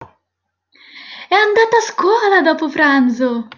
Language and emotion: Italian, happy